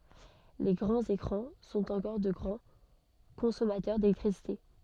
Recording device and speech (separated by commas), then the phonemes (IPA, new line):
soft in-ear microphone, read sentence
le ɡʁɑ̃z ekʁɑ̃ sɔ̃t ɑ̃kɔʁ də ɡʁɑ̃ kɔ̃sɔmatœʁ delɛktʁisite